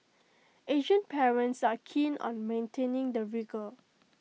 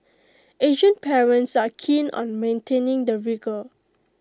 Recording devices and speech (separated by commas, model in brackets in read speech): mobile phone (iPhone 6), close-talking microphone (WH20), read sentence